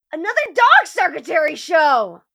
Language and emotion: English, disgusted